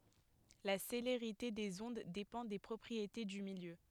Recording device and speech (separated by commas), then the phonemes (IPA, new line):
headset microphone, read sentence
la seleʁite dez ɔ̃d depɑ̃ de pʁɔpʁiete dy miljø